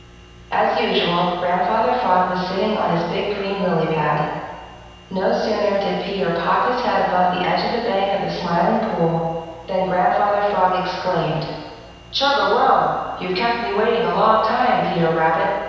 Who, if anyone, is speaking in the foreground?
One person.